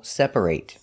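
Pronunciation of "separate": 'Separate' is said as the verb here, with the ending pronounced like 'eight'.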